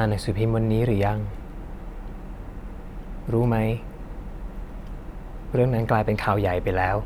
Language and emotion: Thai, sad